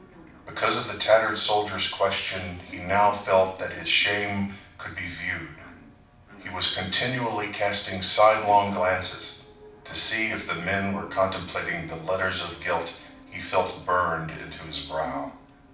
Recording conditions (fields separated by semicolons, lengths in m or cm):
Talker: one person; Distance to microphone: 5.8 m; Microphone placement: far; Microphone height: 1.8 m; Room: medium-sized (5.7 m by 4.0 m); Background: television